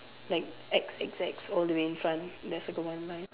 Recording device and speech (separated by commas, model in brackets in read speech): telephone, conversation in separate rooms